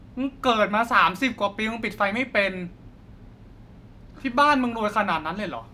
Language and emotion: Thai, angry